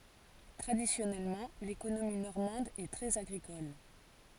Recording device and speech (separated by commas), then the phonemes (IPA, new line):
forehead accelerometer, read sentence
tʁadisjɔnɛlmɑ̃ lekonomi nɔʁmɑ̃d ɛ tʁɛz aɡʁikɔl